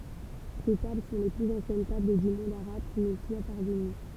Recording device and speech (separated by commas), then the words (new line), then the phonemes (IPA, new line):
temple vibration pickup, read sentence
Ces tables sont les plus anciennes tables du monde arabe qui nous soient parvenues.
se tabl sɔ̃ le plyz ɑ̃sjɛn tabl dy mɔ̃d aʁab ki nu swa paʁvəny